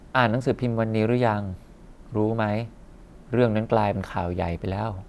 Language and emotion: Thai, frustrated